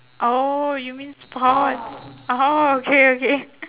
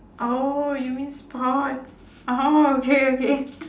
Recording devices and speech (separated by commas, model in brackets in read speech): telephone, standing microphone, conversation in separate rooms